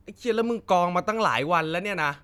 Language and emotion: Thai, frustrated